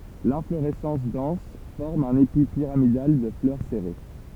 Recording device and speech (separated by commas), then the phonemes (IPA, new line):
temple vibration pickup, read sentence
lɛ̃floʁɛsɑ̃s dɑ̃s fɔʁm œ̃n epi piʁamidal də flœʁ sɛʁe